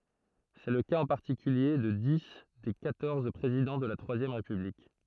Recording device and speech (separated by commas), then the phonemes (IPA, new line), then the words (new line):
throat microphone, read sentence
sɛ lə kaz ɑ̃ paʁtikylje də di de kwatɔʁz pʁezidɑ̃ də la tʁwazjɛm ʁepyblik
C'est le cas en particulier de dix des quatorze présidents de la Troisième République.